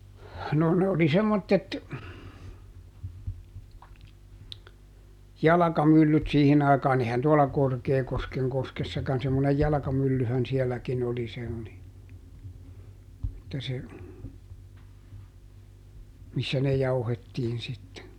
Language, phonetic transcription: Finnish, no ne oli ˈsemmottet , ˈjalakamyllyt ˈsiihin ‿aikaaˈn ‿ehän tuola "Korkeekoskeŋ ˈkoskessakan - semmonej ˈjalᵃkamyllyhän siɛlläkin ‿oli se oli , että se , ˈmissä ne ˈjauhettiin sitte .
- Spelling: no ne oli semmoiset jalkamyllyt siihen aikaan eihän tuolla Korkeakosken koskessakaan semmoinen jalkamyllyhän sielläkin oli se oli että se missä ne jauhettiin sitten

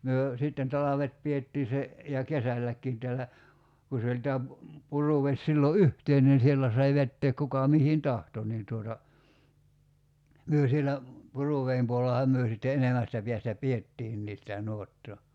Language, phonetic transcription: Finnish, 'myö , sitten "talavet 'piettii se , ja "kesälläkkiin tällä , ku se oĺ 'tää pu- , 'Puruveś sillo "yhteinen 'siellä sai 'vetteek 'kuka 'mihin "tahto nii tuota , 'myö sielä , 'Puruveim puo[le]llaham 'myö sitte 'enemästä piästä "piettiinnii sitä 'nuottoo .
- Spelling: me sitten talvet pidettiin se ja kesälläkin täällä kun se oli tämä - Puruvesi silloin yhteinen siellä sai vetää kuka mihin tahtoi niin tuota me siellä Puruveden puolellahan me sitten enemmästä päästä pidettiinkin sitä nuottaa

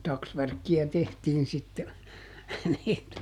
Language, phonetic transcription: Finnish, ˈtaksvärkki₍ä ˈtehtiin sitte , (nii että) .
- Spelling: taksvärkkiä tehtiin sitten niin että

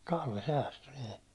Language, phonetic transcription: Finnish, Kalle 'säästy nii .
- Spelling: Kalle säästyi niin

